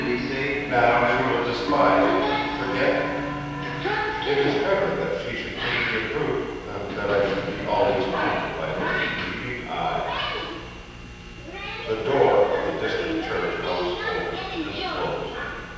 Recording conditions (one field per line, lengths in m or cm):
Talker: one person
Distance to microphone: 7.1 m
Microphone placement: far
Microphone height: 1.7 m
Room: very reverberant, large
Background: television